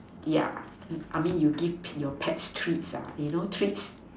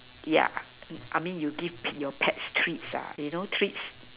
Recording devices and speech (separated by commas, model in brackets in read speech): standing microphone, telephone, conversation in separate rooms